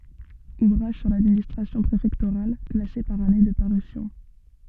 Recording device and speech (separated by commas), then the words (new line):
soft in-ear microphone, read sentence
Ouvrages sur l'administration préfectorale, classés par année de parution.